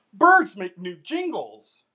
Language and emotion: English, happy